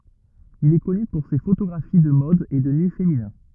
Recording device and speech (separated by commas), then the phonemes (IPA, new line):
rigid in-ear microphone, read sentence
il ɛ kɔny puʁ se fotoɡʁafi də mɔd e də ny feminɛ̃